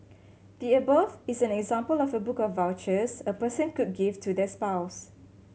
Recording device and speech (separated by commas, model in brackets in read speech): mobile phone (Samsung C7100), read sentence